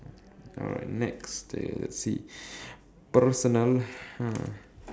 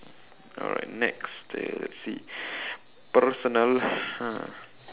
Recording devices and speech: standing microphone, telephone, conversation in separate rooms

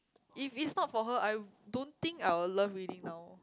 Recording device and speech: close-talking microphone, conversation in the same room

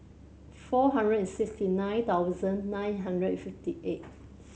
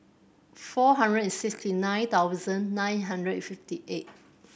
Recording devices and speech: mobile phone (Samsung C7100), boundary microphone (BM630), read sentence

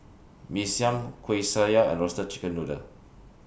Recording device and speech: boundary microphone (BM630), read sentence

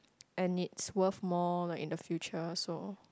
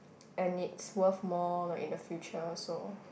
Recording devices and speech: close-talking microphone, boundary microphone, conversation in the same room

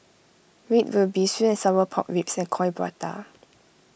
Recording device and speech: boundary microphone (BM630), read sentence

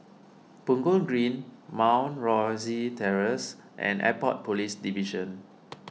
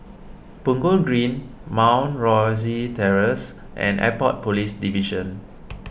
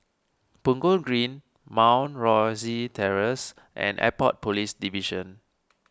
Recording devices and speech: mobile phone (iPhone 6), boundary microphone (BM630), standing microphone (AKG C214), read sentence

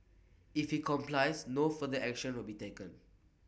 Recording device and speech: boundary microphone (BM630), read sentence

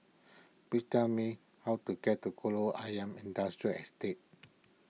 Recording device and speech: mobile phone (iPhone 6), read sentence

